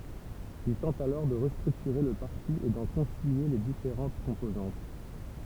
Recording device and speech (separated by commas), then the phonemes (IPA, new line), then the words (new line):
temple vibration pickup, read sentence
il tɑ̃t alɔʁ də ʁəstʁyktyʁe lə paʁti e dɑ̃ kɔ̃silje le difeʁɑ̃t kɔ̃pozɑ̃t
Il tente alors de restructurer le parti et d'en concilier les différentes composantes.